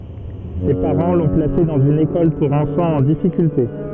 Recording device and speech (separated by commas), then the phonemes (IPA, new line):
soft in-ear microphone, read sentence
se paʁɑ̃ lɔ̃ plase dɑ̃z yn ekɔl puʁ ɑ̃fɑ̃z ɑ̃ difikylte